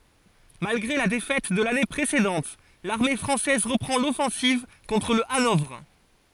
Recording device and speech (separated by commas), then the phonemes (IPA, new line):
forehead accelerometer, read sentence
malɡʁe la defɛt də lane pʁesedɑ̃t laʁme fʁɑ̃sɛz ʁəpʁɑ̃ lɔfɑ̃siv kɔ̃tʁ lə anɔvʁ